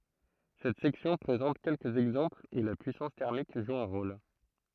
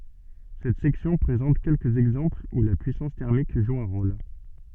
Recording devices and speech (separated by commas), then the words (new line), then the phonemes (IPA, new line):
throat microphone, soft in-ear microphone, read sentence
Cette section présente quelques exemples où la puissance thermique joue un rôle.
sɛt sɛksjɔ̃ pʁezɑ̃t kɛlkəz ɛɡzɑ̃plz u la pyisɑ̃s tɛʁmik ʒu œ̃ ʁol